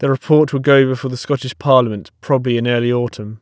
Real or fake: real